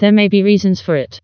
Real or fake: fake